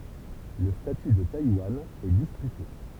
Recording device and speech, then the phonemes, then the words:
temple vibration pickup, read sentence
lə staty də tajwan ɛ dispyte
Le statut de Taïwan est disputé.

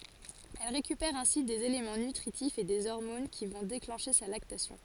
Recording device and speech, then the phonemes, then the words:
forehead accelerometer, read sentence
ɛl ʁekypɛʁ ɛ̃si dez elemɑ̃ nytʁitifz e de ɔʁmon ki vɔ̃ deklɑ̃ʃe sa laktasjɔ̃
Elle récupère ainsi des éléments nutritifs et des hormones qui vont déclencher sa lactation.

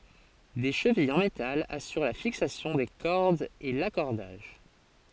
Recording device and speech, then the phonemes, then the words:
forehead accelerometer, read sentence
de ʃəvijz ɑ̃ metal asyʁ la fiksasjɔ̃ de kɔʁdz e lakɔʁdaʒ
Des chevilles en métal assurent la fixation des cordes et l'accordage.

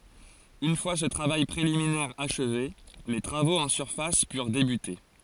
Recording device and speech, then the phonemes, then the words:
forehead accelerometer, read sentence
yn fwa sə tʁavaj pʁeliminɛʁ aʃve le tʁavoz ɑ̃ syʁfas pyʁ debyte
Une fois ce travail préliminaire achevé, les travaux en surface purent débuter.

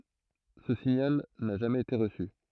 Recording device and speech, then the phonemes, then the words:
throat microphone, read sentence
sə siɲal na ʒamɛz ete ʁəsy
Ce signal n'a jamais été reçu.

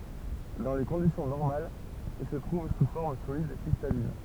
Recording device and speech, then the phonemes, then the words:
temple vibration pickup, read sentence
dɑ̃ le kɔ̃disjɔ̃ nɔʁmalz il sə tʁuv su fɔʁm solid kʁistalin
Dans les conditions normales, il se trouve sous forme solide cristalline.

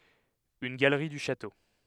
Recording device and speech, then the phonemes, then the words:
headset microphone, read sentence
yn ɡalʁi dy ʃato
Une galerie du château.

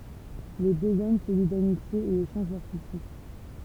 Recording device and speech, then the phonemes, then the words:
temple vibration pickup, read sentence
le døz ɔm sə li damitje e eʃɑ̃ʒ lœʁ susi
Les deux hommes se lient d’amitié et échangent leurs soucis.

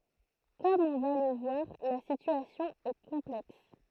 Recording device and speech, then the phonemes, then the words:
throat microphone, read sentence
kɔm ɔ̃ va lə vwaʁ la sityasjɔ̃ ɛ kɔ̃plɛks
Comme on va le voir, la situation est complexe.

